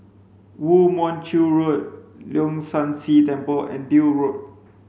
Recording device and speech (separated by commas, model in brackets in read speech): mobile phone (Samsung C5), read sentence